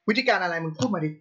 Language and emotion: Thai, angry